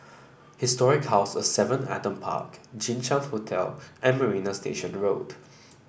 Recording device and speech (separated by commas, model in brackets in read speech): boundary microphone (BM630), read sentence